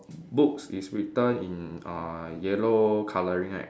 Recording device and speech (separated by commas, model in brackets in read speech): standing microphone, conversation in separate rooms